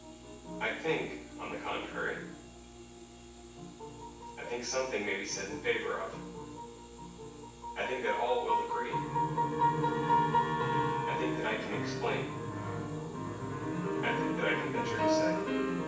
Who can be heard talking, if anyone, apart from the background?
One person.